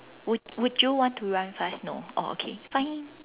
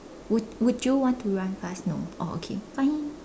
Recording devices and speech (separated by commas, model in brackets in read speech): telephone, standing microphone, conversation in separate rooms